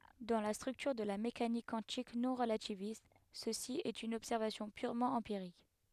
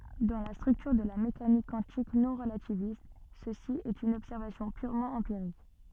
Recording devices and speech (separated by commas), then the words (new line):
headset microphone, soft in-ear microphone, read sentence
Dans la structure de la mécanique quantique non-relativiste, ceci est une observation purement empirique.